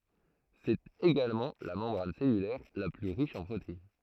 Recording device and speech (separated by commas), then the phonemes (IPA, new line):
throat microphone, read sentence
sɛt eɡalmɑ̃ la mɑ̃bʁan sɛlylɛʁ la ply ʁiʃ ɑ̃ pʁotein